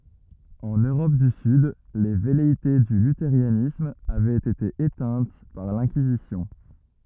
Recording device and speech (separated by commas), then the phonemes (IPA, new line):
rigid in-ear microphone, read sentence
ɑ̃n øʁɔp dy syd le vɛleite dy lyteʁanism avɛt ete etɛ̃t paʁ lɛ̃kizisjɔ̃